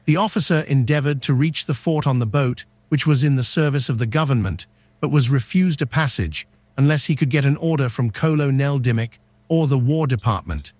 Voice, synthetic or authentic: synthetic